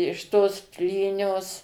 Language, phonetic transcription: Lithuanian, iš tos ˈplynios

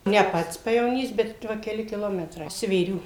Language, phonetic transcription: Lithuanian, ne ˈpats pajevoˈnys bet ˈva keˈli kiˈlometrai svėˈrių

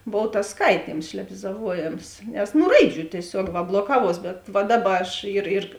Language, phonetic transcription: Lithuanian, ˈbov tas ˈskaityms šlebizaˈvuojėms nes ˈnu ˈraiˌdžių tieˈsiuog ˈva bloˈkavuos bet ˈva ˈdaˌba aš ir ir

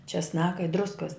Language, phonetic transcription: Lithuanian, česˈnaka i ˈdruskas

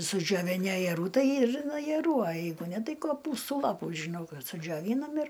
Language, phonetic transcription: Lithuanian, sudžioviˈni ajeˈrų ˈtai ir ajerų a ˈjeigu ˈne ˈtai koˈpūstų ˈlapų žiˈnau ˈkas sudžioˈvynam ir

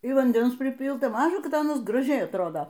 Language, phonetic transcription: Lithuanian, ir vanˈdens priˈpylta ˈmaža ˈkad ˈanas graˈžiai atˈrodo

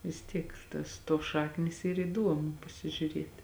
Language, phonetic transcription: Lithuanian, vis ˈtiek tas ˈtuos ˈšaknys ˈyr įˈduomu pasižiuˈrieti

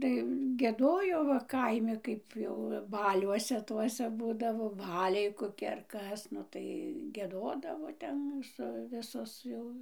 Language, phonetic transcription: Lithuanian, tai gieˈdojo va ˈkaimi ˈkaip jau ˈbaliuose ˈtuose ˈbūdavo ˈbaliai koˈki ar ˈkas ˈnu tai gieˈdodavo ˈten su ˈvisos jau

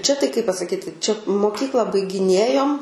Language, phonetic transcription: Lithuanian, ˈčia tai kai pasaˈkyti ˈčia moˈkykla baigiˈnėjom

